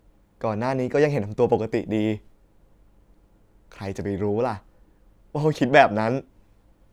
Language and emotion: Thai, sad